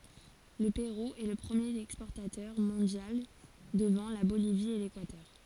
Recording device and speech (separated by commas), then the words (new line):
forehead accelerometer, read sentence
Le Pérou est le premier exportateur mondial devant la Bolivie et l'Équateur.